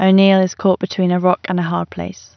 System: none